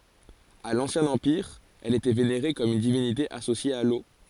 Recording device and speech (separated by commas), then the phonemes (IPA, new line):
forehead accelerometer, read sentence
a lɑ̃sjɛ̃ ɑ̃piʁ ɛl etɛ veneʁe kɔm yn divinite asosje a lo